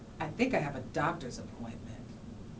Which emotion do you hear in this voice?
neutral